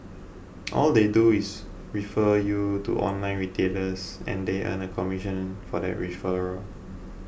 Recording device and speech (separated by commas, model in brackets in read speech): boundary microphone (BM630), read sentence